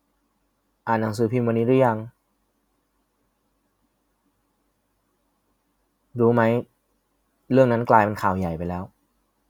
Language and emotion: Thai, sad